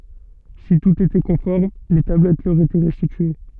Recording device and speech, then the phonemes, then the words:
soft in-ear microphone, read sentence
si tut etɛ kɔ̃fɔʁm le tablɛt lœʁ etɛ ʁɛstitye
Si tout était conforme les tablettes leur étaient restituées.

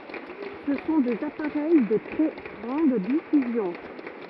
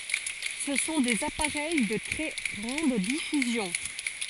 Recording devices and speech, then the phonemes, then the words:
rigid in-ear microphone, forehead accelerometer, read sentence
sə sɔ̃ dez apaʁɛj də tʁɛ ɡʁɑ̃d difyzjɔ̃
Ce sont des appareils de très grande diffusion.

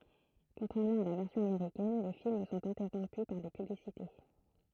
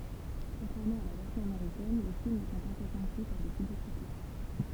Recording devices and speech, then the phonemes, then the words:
throat microphone, temple vibration pickup, read sentence
kɔ̃tʁɛʁmɑ̃ a la vɛʁsjɔ̃ ameʁikɛn le film sɔ̃t ɛ̃tɛʁɔ̃py paʁ de pyblisite
Contrairement à la version américaine, les films sont interrompus par des publicités.

